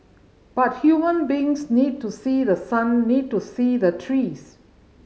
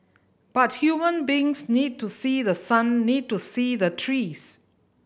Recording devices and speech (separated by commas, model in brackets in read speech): mobile phone (Samsung C5010), boundary microphone (BM630), read sentence